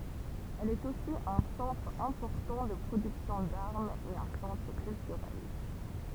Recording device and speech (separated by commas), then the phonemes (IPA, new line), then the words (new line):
temple vibration pickup, read sentence
ɛl ɛt osi œ̃ sɑ̃tʁ ɛ̃pɔʁtɑ̃ də pʁodyksjɔ̃ daʁmz e œ̃ sɑ̃tʁ kyltyʁɛl
Elle est aussi un centre important de production d'armes et un centre culturel.